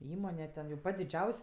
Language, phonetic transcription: Lithuanian, ˈįmone ten jau ˈpat' diˈdžiaus'

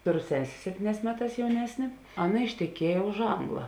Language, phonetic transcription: Lithuanian, ˈtoˌro ˈsesė ˈseptyˌnēs ˈmeˌtās jauˈnesnė ˈaˌna išteˈkieja už ˈangla

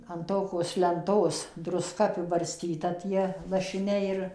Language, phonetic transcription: Lithuanian, an ˈtokos lenˈtos druˈska apibarˈstyta ˈtie lašiˈniai ir

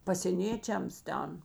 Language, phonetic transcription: Lithuanian, pasėˈnėčiams ˈten

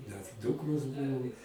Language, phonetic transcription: Lithuanian, nes ˈdūkros ˈbūvo

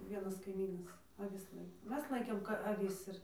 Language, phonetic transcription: Lithuanian, ˈvienas kaiˈmynas aˈvis ˈlaiko ˈmes ˈlaikėm aˈvis ir

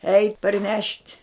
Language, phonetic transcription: Lithuanian, eit' parˈnešt'

